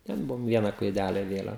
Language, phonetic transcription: Lithuanian, ten ˈbuvom ˈviena klaiˈdæle iˈvėlen

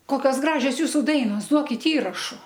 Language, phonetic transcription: Lithuanian, ˈkokios ˈgražios ˈjūsu ˈdainos ˈduokit ˈįrašu

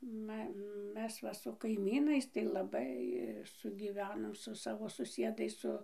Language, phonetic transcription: Lithuanian, ˈma ˈmes va su kaiˈmynais tai laˈbai sugyˈvenom su ˈsavo suˈsiedais ˈsu

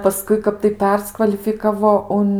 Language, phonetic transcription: Lithuanian, paˈskui ˈkap tai ˈperskvalifikavo ˈun

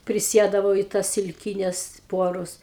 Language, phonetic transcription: Lithuanian, priˈsiedavau i tas silˈkynes ˈpuorus

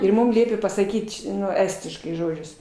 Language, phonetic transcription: Lithuanian, ir ˈmum ˈliepė pasaˈkyt ˈnu ˈestiškai ˈžodžius

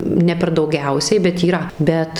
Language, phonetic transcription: Lithuanian, ne per dauˈgiausiai bet yˈra ˈbet

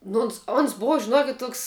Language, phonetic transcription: Lithuanian, ˈno ons ons ˈbova žiˈnuokit' ˈtuoks

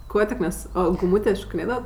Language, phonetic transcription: Lithuanian, ˈkuo tik mes o guˈmūtė šokiˈnėdavat

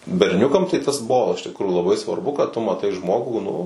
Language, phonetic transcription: Lithuanian, berˈniukam tai tas ˈbuvo iš tikˈrųjų laˈbai svarˈbu kad tu maˈtai ˈžmogų nu

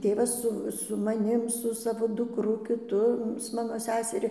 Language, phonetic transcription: Lithuanian, ˈtėvas ˈsu su maˈnim su ˈsavo dukˈru kiˈtu su ˈmano ˈseseri

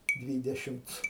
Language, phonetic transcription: Lithuanian, ˈdvydešimc

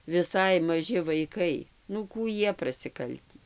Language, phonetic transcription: Lithuanian, viˈsai maˈži vaiˈkai nu ˈkų ˈjie prasiˈkaltį

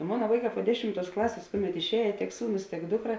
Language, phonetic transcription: Lithuanian, ˈmona ˈvaiˌkā po ˈdešimˌtuos ˈklasės ˈkuˌmet išˈējė tiek ˈsūˌnus tiek ˈdukˌra

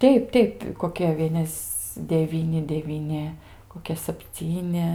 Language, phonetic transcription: Lithuanian, ˈteip ˈteip koˈkia ˈvienes deˈvyni devyˈni koˈkia sapˈcyni

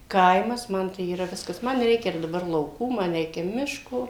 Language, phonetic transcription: Lithuanian, ˈkaimas ˈman tai yˈra ˈviskas ˈman ˈreikia ir daˈbar lauˈkų ˈman ˈreikia ˈmiško

